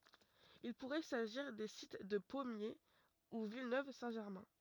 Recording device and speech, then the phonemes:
rigid in-ear microphone, read sentence
il puʁɛ saʒiʁ de sit də pɔmje u vilnøv sɛ̃ ʒɛʁmɛ̃

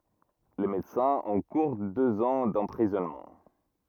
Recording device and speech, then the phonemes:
rigid in-ear microphone, read sentence
le medəsɛ̃z ɑ̃kuʁ døz ɑ̃ dɑ̃pʁizɔnmɑ̃

